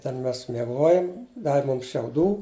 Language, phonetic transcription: Lithuanian, ten ˈmes mieˈgojam ˈdavi ˈmums šiauˈdų

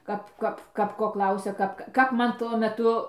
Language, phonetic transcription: Lithuanian, ˈkap ˈkap ˈkap ko ˈklausia ˈkap kap ˈman tuo meˈtu

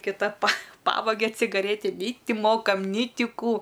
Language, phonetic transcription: Lithuanian, kiˈta pa ˈpavagia cigaˈrėti nei ˈti ˈmokam nei ˈti ˈkų

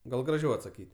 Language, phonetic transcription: Lithuanian, ˈgal graˈžiau atsaˈkyt'

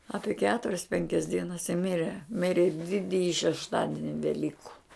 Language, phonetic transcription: Lithuanian, ˈapie ˈketurias ˈpenkias ˈdienas i ˈmire ˈmiri ˈdidiji šešˈtadini veˈlyku

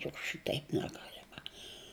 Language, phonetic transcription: Lithuanian, juk ˈšiteip neˈgalema

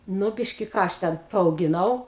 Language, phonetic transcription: Lithuanian, ˈnu ˈbiški ˈką aš ˈten paaugiˈnau

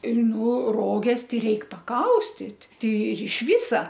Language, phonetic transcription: Lithuanian, ir ˈnu ˈroges ˈtai ˈreik paˈkaustit ˈtei ir iš ˈvisa

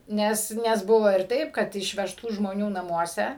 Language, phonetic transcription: Lithuanian, ˈnes ˈnes ˈbuvo ir ˈtaip kad išvežˈtų žmoˈnių naˈmuose

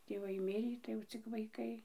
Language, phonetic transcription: Lithuanian, tėˈvai ˈmirį tai jau ˈcik vaiˈkai

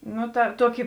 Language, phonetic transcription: Lithuanian, ˈnu ta ˈtuoki

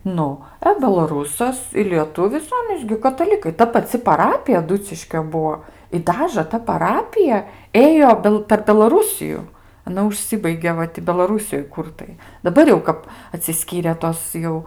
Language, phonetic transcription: Lithuanian, ˈnu a belaˈrūsas i lieˈtuvis ˈanys gi kataˈlikai ˈta paˈci paˈrapija aˈduciškio ˈbuo i ˈdažə ta paˈrapija ˈėjo ˈbel per belaˈrūsiju aˈna užˈsibaigė ˈva ti belaˈrūsijoj ˈkur tai daˈbar jau ˈkap atsiˈskyrė ˈtos jau

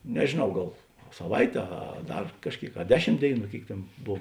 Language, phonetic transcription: Lithuanian, nežėˈnau ˈgal saˈvaitė ˈa ˈdar kažˈkėik a ˈdeˌšim ˈdėiˌnų ˈkėik ˈtėn ˈbov

